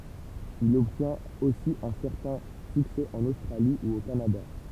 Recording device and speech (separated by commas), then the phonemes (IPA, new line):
temple vibration pickup, read sentence
il ɔbtjɛ̃t osi œ̃ sɛʁtɛ̃ syksɛ ɑ̃n ostʁali u o kanada